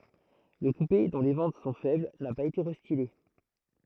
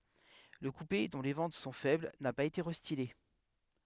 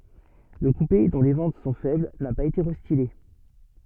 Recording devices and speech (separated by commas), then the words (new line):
throat microphone, headset microphone, soft in-ear microphone, read sentence
Le coupé, dont les ventes sont faibles, n'a pas été restylé.